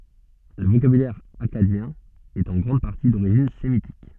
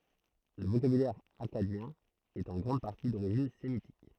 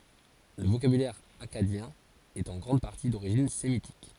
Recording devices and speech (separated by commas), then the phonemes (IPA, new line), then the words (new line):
soft in-ear microphone, throat microphone, forehead accelerometer, read sentence
lə vokabylɛʁ akkadjɛ̃ ɛt ɑ̃ ɡʁɑ̃d paʁti doʁiʒin semitik
Le vocabulaire akkadien est en grande partie d'origine sémitique.